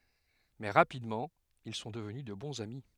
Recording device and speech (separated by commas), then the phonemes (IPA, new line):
headset microphone, read sentence
mɛ ʁapidmɑ̃ il sɔ̃ dəvny də bɔ̃z ami